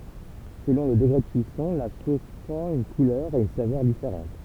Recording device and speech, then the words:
temple vibration pickup, read sentence
Selon le degré de cuisson, la sauce prend une couleur et une saveur différente.

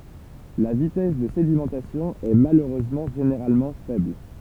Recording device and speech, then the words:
temple vibration pickup, read sentence
La vitesse de sédimentation est malheureusement généralement faible.

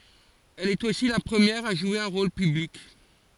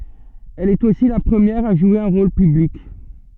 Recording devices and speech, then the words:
forehead accelerometer, soft in-ear microphone, read sentence
Elle est aussi la première à jouer un rôle public.

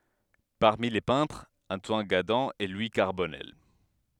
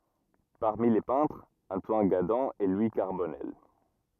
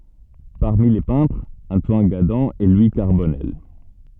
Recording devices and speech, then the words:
headset microphone, rigid in-ear microphone, soft in-ear microphone, read sentence
Parmi les peintres, Antoine Gadan et Louis Carbonnel.

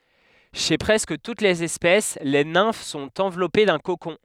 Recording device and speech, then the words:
headset microphone, read sentence
Chez presque toutes les espèces, les nymphes sont enveloppées d’un cocon.

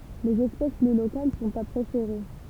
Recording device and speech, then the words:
temple vibration pickup, read sentence
Les espèces plus locales sont à préférer.

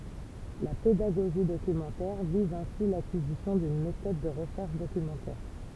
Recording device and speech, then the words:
temple vibration pickup, read sentence
La pédagogie documentaire vise ainsi l’acquisition d’une méthode de recherche documentaire.

